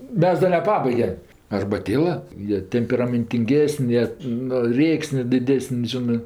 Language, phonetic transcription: Lithuanian, ˈmes ˈda neˈpabaigem arbaˈtėla ˈjie temperamentinˈgėsən' ˈjie nu ˈrėksnė diˈdesən' ˈžinɜ

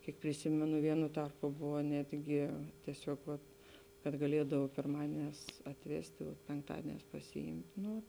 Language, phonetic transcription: Lithuanian, ˈkiek priˈsimenu ˈvienu ˈtarpu ˈbuvo ˈnetgi tieˈsiog vat kad gaˈliedav pirˈmadienēs atˈvesti o penkˈtadienēs pasiˈimt' ˈnu

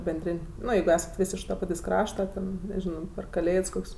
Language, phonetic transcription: Lithuanian, benˈdrin' ˈno jeigu ˈesat ˈvis iš ta ˈpatės' ˈkrašta ˈten neˈžino per kaˈlėds ˈkok's'

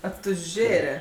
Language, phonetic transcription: Lithuanian, atuˈžėre

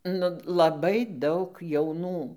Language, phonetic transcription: Lithuanian, nu laˈbai ˈdaug jauˈnų

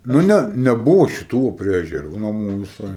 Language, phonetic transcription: Lithuanian, nu ˈne neˈbuvu šiˈtų vo prie ežeˈrų naˈmų viˈsai

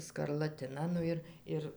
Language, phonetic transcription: Lithuanian, skarlaˈtina ˈnu ir ˈir

